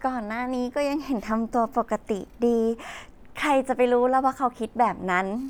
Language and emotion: Thai, happy